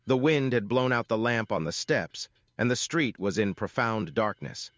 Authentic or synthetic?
synthetic